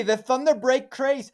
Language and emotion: English, surprised